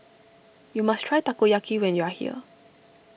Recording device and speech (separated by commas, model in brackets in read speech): boundary microphone (BM630), read sentence